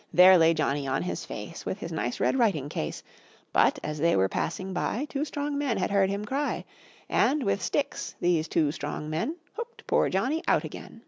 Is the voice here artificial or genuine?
genuine